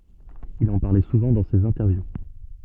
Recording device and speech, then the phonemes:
soft in-ear microphone, read sentence
il ɑ̃ paʁlɛ suvɑ̃ dɑ̃ sez ɛ̃tɛʁvju

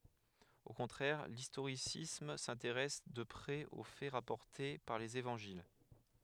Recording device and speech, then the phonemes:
headset microphone, read sentence
o kɔ̃tʁɛʁ listoʁisism sɛ̃teʁɛs də pʁɛz o fɛ ʁapɔʁte paʁ lez evɑ̃ʒil

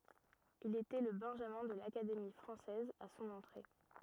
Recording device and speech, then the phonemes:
rigid in-ear microphone, read sentence
il etɛ lə bɛ̃ʒamɛ̃ də lakademi fʁɑ̃sɛz a sɔ̃n ɑ̃tʁe

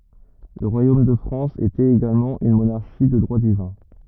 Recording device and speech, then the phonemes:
rigid in-ear microphone, read sentence
lə ʁwajom də fʁɑ̃s etɛt eɡalmɑ̃ yn monaʁʃi də dʁwa divɛ̃

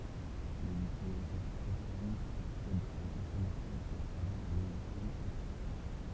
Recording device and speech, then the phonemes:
temple vibration pickup, read sentence
lez ytilizatœʁ pʁofanz aksɛdt oz ɛ̃fɔʁmasjɔ̃z a tʁavɛʁz œ̃ loʒisjɛl aplikatif

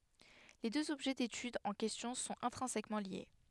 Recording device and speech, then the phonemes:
headset microphone, read sentence
le døz ɔbʒɛ detyd ɑ̃ kɛstjɔ̃ sɔ̃t ɛ̃tʁɛ̃sɛkmɑ̃ lje

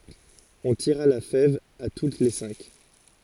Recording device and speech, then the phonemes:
forehead accelerometer, read sentence
ɔ̃ tiʁa la fɛv a tut le sɛ̃k

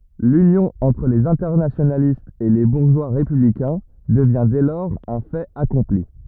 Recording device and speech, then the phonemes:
rigid in-ear microphone, read sentence
lynjɔ̃ ɑ̃tʁ lez ɛ̃tɛʁnasjonalistz e le buʁʒwa ʁepyblikɛ̃ dəvjɛ̃ dɛ lɔʁz œ̃ fɛt akɔ̃pli

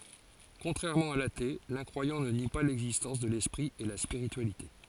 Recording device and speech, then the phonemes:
forehead accelerometer, read sentence
kɔ̃tʁɛʁmɑ̃ a late lɛ̃kʁwajɑ̃ nə ni pa lɛɡzistɑ̃s də lɛspʁi e la spiʁityalite

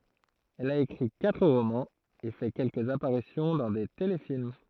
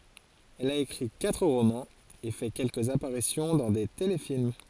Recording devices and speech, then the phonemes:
throat microphone, forehead accelerometer, read sentence
ɛl a ekʁi katʁ ʁomɑ̃z e fɛ kɛlkəz apaʁisjɔ̃ dɑ̃ de telefilm

